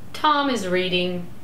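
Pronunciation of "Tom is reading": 'Tom is reading' is said with two stresses, and the voice goes down.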